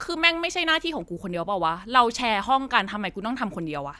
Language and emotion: Thai, angry